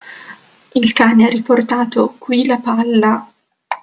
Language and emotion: Italian, fearful